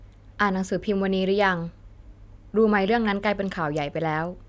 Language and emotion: Thai, neutral